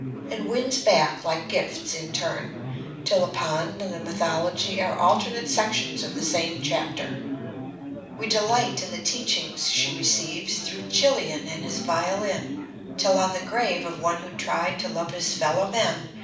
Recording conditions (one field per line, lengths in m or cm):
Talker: one person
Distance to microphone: 5.8 m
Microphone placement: far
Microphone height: 1.8 m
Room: medium-sized (5.7 m by 4.0 m)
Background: babble